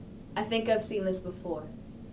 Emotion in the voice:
neutral